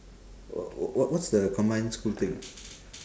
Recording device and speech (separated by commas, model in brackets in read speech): standing microphone, conversation in separate rooms